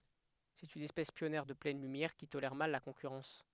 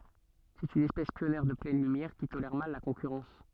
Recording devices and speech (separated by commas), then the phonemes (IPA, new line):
headset microphone, soft in-ear microphone, read sentence
sɛt yn ɛspɛs pjɔnjɛʁ də plɛn lymjɛʁ ki tolɛʁ mal la kɔ̃kyʁɑ̃s